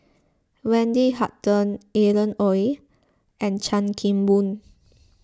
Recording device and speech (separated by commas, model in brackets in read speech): close-talking microphone (WH20), read sentence